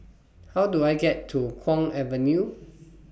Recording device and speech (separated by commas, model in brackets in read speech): boundary microphone (BM630), read sentence